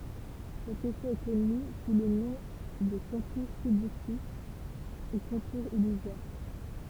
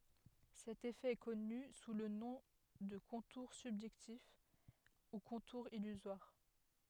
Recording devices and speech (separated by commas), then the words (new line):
temple vibration pickup, headset microphone, read sentence
Cet effet est connu sous le nom de contour subjectif ou contour illusoire.